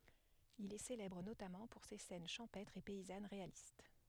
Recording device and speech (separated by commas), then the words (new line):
headset microphone, read sentence
Il est célèbre notamment pour ses scènes champêtres et paysannes réalistes.